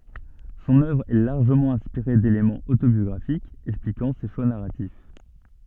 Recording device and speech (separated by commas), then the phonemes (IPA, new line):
soft in-ear microphone, read sentence
sɔ̃n œvʁ ɛ laʁʒəmɑ̃ ɛ̃spiʁe delemɑ̃z otobjɔɡʁafikz ɛksplikɑ̃ se ʃwa naʁatif